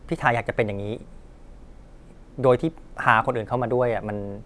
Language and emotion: Thai, frustrated